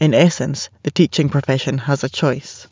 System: none